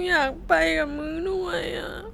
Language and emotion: Thai, sad